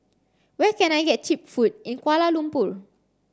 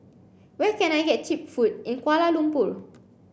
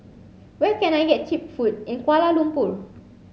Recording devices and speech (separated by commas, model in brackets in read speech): standing microphone (AKG C214), boundary microphone (BM630), mobile phone (Samsung C7), read sentence